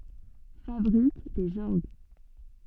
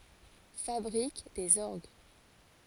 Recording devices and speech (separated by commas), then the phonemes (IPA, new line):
soft in-ear microphone, forehead accelerometer, read sentence
fabʁik dez ɔʁɡ